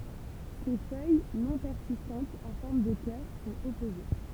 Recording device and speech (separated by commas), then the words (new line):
temple vibration pickup, read sentence
Ses feuilles, non persistantes, en forme de cœur, sont opposées.